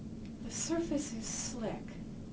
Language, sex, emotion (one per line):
English
female
neutral